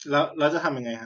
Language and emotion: Thai, frustrated